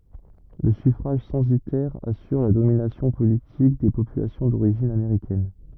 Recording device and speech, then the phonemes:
rigid in-ear microphone, read sentence
lə syfʁaʒ sɑ̃sitɛʁ asyʁ la dominasjɔ̃ politik de popylasjɔ̃ doʁiʒin ameʁikɛn

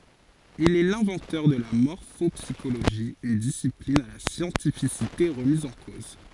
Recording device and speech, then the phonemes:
forehead accelerometer, read sentence
il ɛ lɛ̃vɑ̃tœʁ də la mɔʁfɔpsiʃoloʒi yn disiplin a la sjɑ̃tifisite ʁəmiz ɑ̃ koz

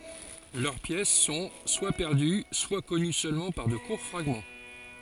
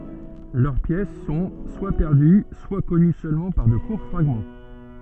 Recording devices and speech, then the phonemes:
forehead accelerometer, soft in-ear microphone, read sentence
lœʁ pjɛs sɔ̃ swa pɛʁdy swa kɔny sølmɑ̃ paʁ də kuʁ fʁaɡmɑ̃

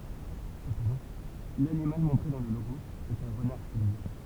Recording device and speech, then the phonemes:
temple vibration pickup, read sentence
səpɑ̃dɑ̃ lanimal mɔ̃tʁe dɑ̃ lə loɡo ɛt œ̃ ʁənaʁ stilize

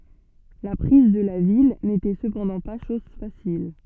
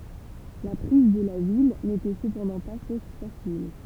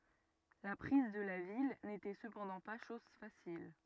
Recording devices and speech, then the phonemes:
soft in-ear microphone, temple vibration pickup, rigid in-ear microphone, read sentence
la pʁiz də la vil netɛ səpɑ̃dɑ̃ pa ʃɔz fasil

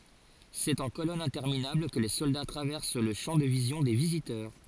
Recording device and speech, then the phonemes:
forehead accelerometer, read sentence
sɛt ɑ̃ kolɔnz ɛ̃tɛʁminabl kə le sɔlda tʁavɛʁs lə ʃɑ̃ də vizjɔ̃ de vizitœʁ

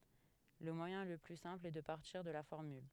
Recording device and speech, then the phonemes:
headset microphone, read sentence
lə mwajɛ̃ lə ply sɛ̃pl ɛ də paʁtiʁ də la fɔʁmyl

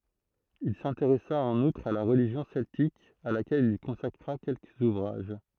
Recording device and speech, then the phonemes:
throat microphone, read sentence
il sɛ̃teʁɛsa ɑ̃n utʁ a la ʁəliʒjɔ̃ sɛltik a lakɛl il kɔ̃sakʁa kɛlkəz uvʁaʒ

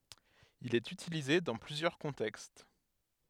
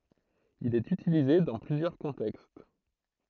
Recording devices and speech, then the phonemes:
headset microphone, throat microphone, read sentence
il ɛt ytilize dɑ̃ plyzjœʁ kɔ̃tɛkst

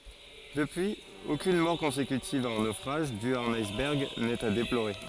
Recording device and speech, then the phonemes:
forehead accelerometer, read sentence
dəpyiz okyn mɔʁ kɔ̃sekytiv a œ̃ nofʁaʒ dy a œ̃n ajsbɛʁɡ nɛt a deploʁe

